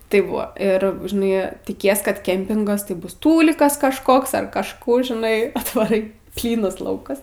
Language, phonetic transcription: Lithuanian, ˈtaip ˈbuvo ˈir žiˈnai tiˈkies kad ˈkempingas tai ˈbus ˈtūlikas kažˈkoks ar kažˈkų žiˈnai atvaˈrai ˈplynas ˈlaukas

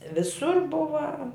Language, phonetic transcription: Lithuanian, viˈsur ˈbuva

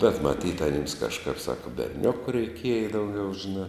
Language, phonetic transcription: Lithuanian, bet maˈtyt aˈnims kažˈkap ˈsaka berˈniuku reiˈkieja dauˈgiau žiˈnā

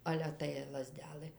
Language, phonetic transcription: Lithuanian, ˈale tai laˈzdelɘ

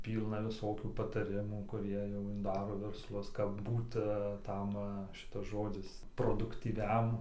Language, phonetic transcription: Lithuanian, ˈpylna viˈsokių pataˈrimų kuˈrie jau nu ˈdaro versˈlus kap ˈbūta a ˈtam ˈšitas ˈžodzis produktyˈviam

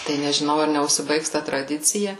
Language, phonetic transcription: Lithuanian, tai nežiˈnau ar neužsiˈbaigs ta traˈdicija

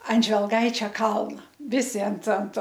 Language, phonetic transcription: Lithuanian, an žvelˈgaičia ˈkalna ˈvisi ant ant

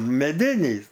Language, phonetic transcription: Lithuanian, meˈdinįs

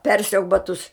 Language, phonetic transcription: Lithuanian, ˈpersiauk baˈtus

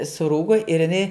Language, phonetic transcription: Lithuanian, suˈrūgo ir iˈnai

